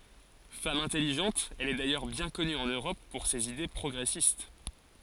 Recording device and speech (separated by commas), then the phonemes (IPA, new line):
forehead accelerometer, read sentence
fam ɛ̃tɛliʒɑ̃t ɛl ɛ dajœʁ bjɛ̃ kɔny ɑ̃n øʁɔp puʁ sez ide pʁɔɡʁɛsist